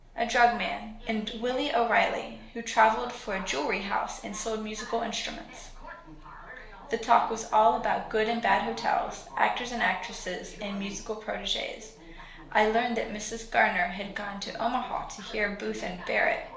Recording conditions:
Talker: one person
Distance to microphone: 1.0 m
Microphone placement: close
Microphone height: 1.1 m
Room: small (3.7 m by 2.7 m)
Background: television

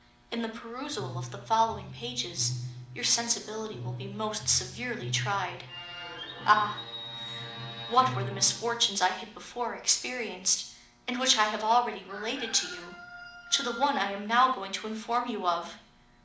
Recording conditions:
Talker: one person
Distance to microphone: 2.0 m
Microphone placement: close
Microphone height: 99 cm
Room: medium-sized (5.7 m by 4.0 m)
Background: television

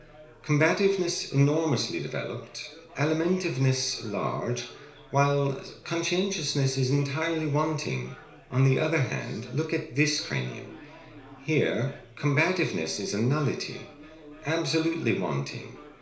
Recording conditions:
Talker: one person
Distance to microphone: 1.0 m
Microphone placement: close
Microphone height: 1.1 m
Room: small (3.7 m by 2.7 m)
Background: babble

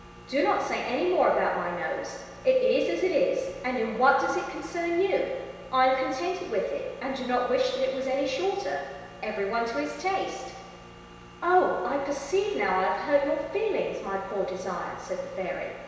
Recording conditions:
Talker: one person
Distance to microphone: 1.7 m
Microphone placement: close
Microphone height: 1.0 m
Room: very reverberant, large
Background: none

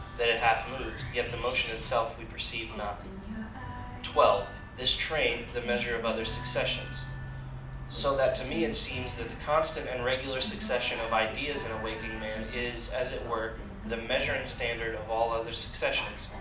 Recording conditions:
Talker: one person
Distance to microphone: 2.0 m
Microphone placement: close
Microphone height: 99 cm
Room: medium-sized (5.7 m by 4.0 m)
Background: music

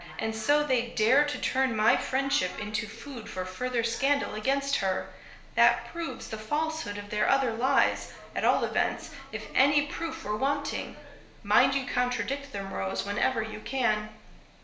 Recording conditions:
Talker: one person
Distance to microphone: 1.0 m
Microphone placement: close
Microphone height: 1.1 m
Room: small (3.7 m by 2.7 m)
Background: television

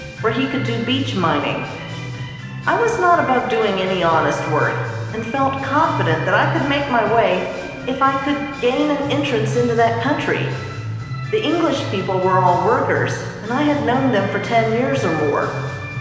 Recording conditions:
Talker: one person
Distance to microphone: 1.7 m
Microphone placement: close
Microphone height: 1.0 m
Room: very reverberant, large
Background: music

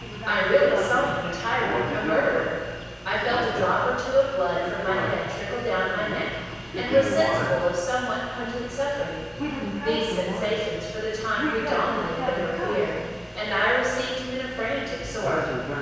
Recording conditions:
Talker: one person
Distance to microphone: 7.1 m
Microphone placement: far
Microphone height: 1.7 m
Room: very reverberant, large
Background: television

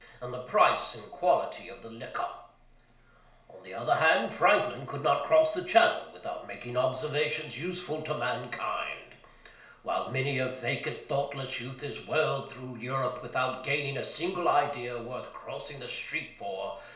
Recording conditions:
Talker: one person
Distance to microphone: 1.0 m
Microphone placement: close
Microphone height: 1.1 m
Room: small (3.7 m by 2.7 m)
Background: none

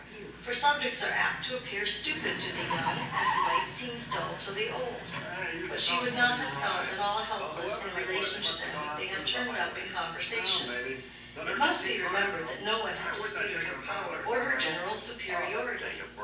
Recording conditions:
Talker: one person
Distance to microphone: 9.8 m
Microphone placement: far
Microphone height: 1.8 m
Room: large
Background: television

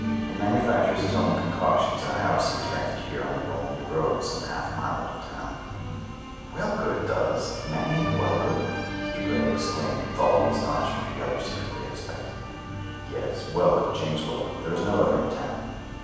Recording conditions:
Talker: one person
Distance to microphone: 7.1 m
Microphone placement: far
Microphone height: 1.7 m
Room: very reverberant, large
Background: music

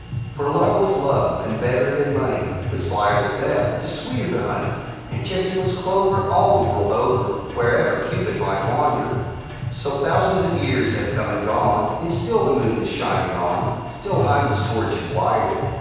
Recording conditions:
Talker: one person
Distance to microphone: 7.1 m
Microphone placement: far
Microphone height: 1.7 m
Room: very reverberant, large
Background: music

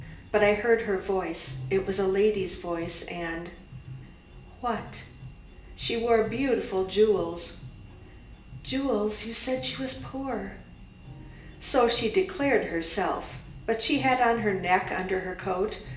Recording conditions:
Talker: one person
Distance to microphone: 1.8 m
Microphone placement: close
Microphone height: 1.0 m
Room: large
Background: music

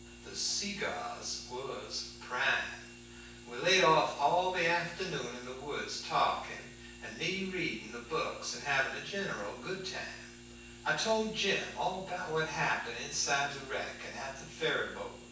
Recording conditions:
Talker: one person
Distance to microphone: 9.8 m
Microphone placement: far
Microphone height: 1.8 m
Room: large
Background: none

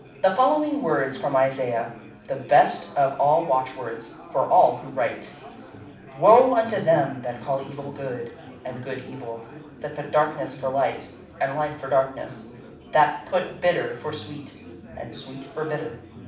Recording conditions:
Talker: one person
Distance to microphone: 5.8 m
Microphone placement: far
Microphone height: 1.8 m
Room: medium-sized (5.7 m by 4.0 m)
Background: babble

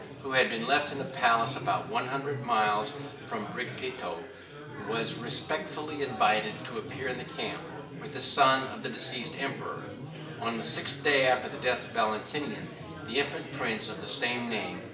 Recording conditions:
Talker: one person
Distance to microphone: 1.8 m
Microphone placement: close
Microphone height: 1.0 m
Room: large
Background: babble

